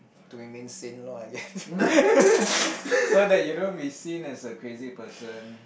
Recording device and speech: boundary microphone, conversation in the same room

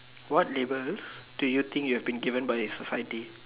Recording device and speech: telephone, conversation in separate rooms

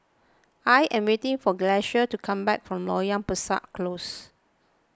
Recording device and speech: close-talking microphone (WH20), read sentence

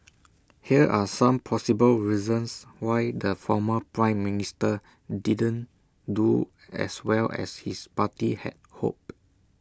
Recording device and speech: standing microphone (AKG C214), read sentence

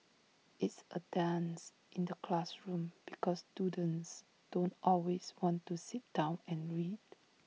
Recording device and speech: mobile phone (iPhone 6), read sentence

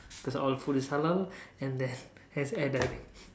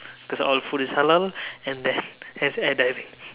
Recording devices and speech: standing microphone, telephone, conversation in separate rooms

